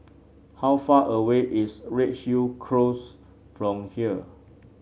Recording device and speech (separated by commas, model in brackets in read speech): mobile phone (Samsung C7), read sentence